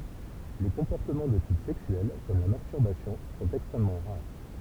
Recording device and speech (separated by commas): temple vibration pickup, read sentence